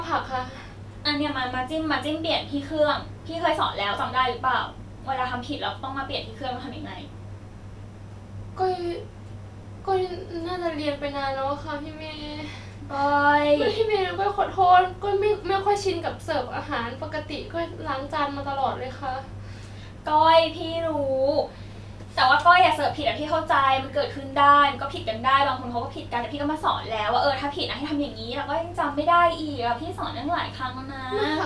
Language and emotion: Thai, frustrated